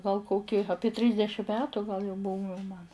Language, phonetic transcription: Lithuanian, gal ˈkoki ˈapie ˈtrysdešim ˈmetu gal jau ˈbūve man

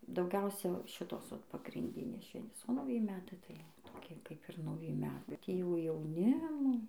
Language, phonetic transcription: Lithuanian, dauˈgiausia ˈšitos vat pagrinˈdinės ˈšventės o nauˈji ˈmetai tai toˈkie kaip ˈir nauˈji ˈmetai bet ˈjie jau jauˈnimo

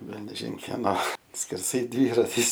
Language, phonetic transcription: Lithuanian, ˈvelniažin keˈno skerˈsai ˈdvyratis

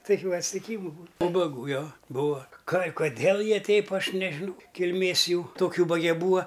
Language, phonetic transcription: Lithuanian, taˈkių atstiˈkymu būn ūbaˈgų ˈjo ˈbūa kai koˈdėl ˈjie ˈteip ˈaš nežiˈnau kilˈmės ˈjų tok' ˈūbage ˈbūa

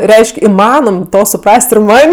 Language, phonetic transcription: Lithuanian, ˈreišk' iˈmanom ˈto suˈpras't' ir ˈman'

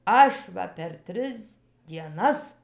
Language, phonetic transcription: Lithuanian, ˈaš va per ˈtris dieˈnas

